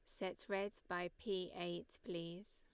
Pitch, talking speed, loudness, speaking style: 185 Hz, 155 wpm, -45 LUFS, Lombard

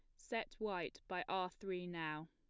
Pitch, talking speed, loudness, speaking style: 185 Hz, 170 wpm, -44 LUFS, plain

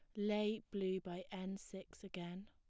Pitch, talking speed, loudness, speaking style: 190 Hz, 160 wpm, -44 LUFS, plain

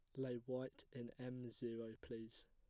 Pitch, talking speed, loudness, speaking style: 120 Hz, 155 wpm, -50 LUFS, plain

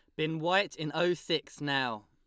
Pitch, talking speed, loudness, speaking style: 160 Hz, 195 wpm, -31 LUFS, Lombard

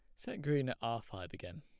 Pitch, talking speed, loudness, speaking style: 115 Hz, 255 wpm, -39 LUFS, plain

